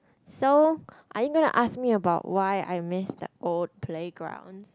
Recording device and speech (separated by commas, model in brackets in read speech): close-talking microphone, conversation in the same room